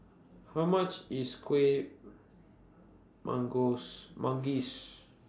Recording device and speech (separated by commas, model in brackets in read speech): standing microphone (AKG C214), read sentence